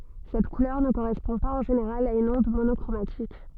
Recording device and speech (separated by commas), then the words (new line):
soft in-ear microphone, read sentence
Cette couleur ne correspond pas en général à une onde monochromatique.